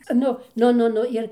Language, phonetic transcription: Lithuanian, ˈnu ˈnu ˈnu ˈnu ˈir

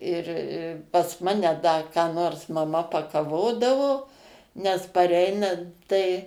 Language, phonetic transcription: Lithuanian, ˈir i pas ˈmane ˈda ką ˈnors maˈma pakaˈvodavo nes paˈreinant tai

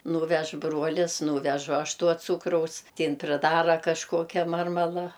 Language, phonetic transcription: Lithuanian, ˈnūvež ˈbruolis ˈnūvežu ˈaš ˈtuo ˈcūkraus ti ˈin priˈdara kažˈkokia ˈmarmala

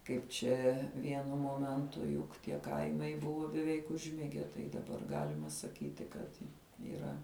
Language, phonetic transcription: Lithuanian, ˈkaip čia ˈvienu ˈmomentu juk tie ˈkaimai ˈbuvo beˈveik užˈmige ˈtai daˈbar ˈgalima saˈkyti kad yˈra

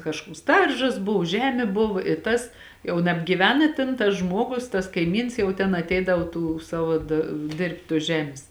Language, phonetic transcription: Lithuanian, kažˈkuoks ˈdaržas ˈbuv ˈžemė buva i ˈtas jau nabgyˈven i ˈtėn tas ˈžmuogus tas kaiˈmyns jau ten atˈeidav tų ˈsavo da ˈdėrbt' tuos ˈžemės

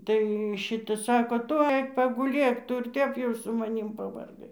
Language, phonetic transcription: Lithuanian, ˈtai ˈšita ˈsako ˈtu ˈaik paguˈlėk ˈtu ir ˈtep jau su maˈnym pavarˈgai

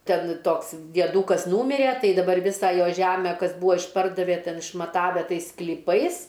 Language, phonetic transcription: Lithuanian, ˈten ˈtoks dieˈdūkas ˈnūmirė ˈtai daˈbar ˈvisa ˈjo ˈžæme ˈkas ˈbūvo išˈpardavė ˈten išmaˈtave ˈtais sklyˈpais

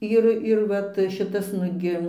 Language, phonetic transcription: Lithuanian, ˈir ir ˈvat ˈšitas ˈnugi

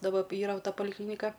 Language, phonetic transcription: Lithuanian, daˈba ˈyra ˈta paliˈklynika

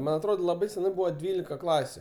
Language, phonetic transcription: Lithuanian, ˈman atˈrod laˈbai seˈnai ˈbūva ˈdvylika ˈklasiu

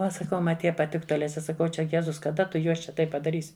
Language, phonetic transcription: Lithuanian, ˈva saˈkau ˈma ˈtie paˈtiktu aˈle ˈčia saˈkau ˈčia ˈjezus kaˈda tu ˈjuos čia ˈtaip padaˈrysi

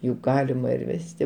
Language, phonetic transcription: Lithuanian, juk ˈgalima ir ˈvesti

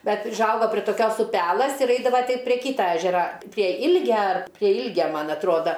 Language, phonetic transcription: Lithuanian, ˈbet užˈauga prie toˈkios uˈpelɘs ir ˈeidava ˈti prie ˈkyta ˈežera prie ˈilgia ar prie ˈilgia ˈman atˈruoda

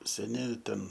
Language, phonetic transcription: Lithuanian, seˈni ˈten

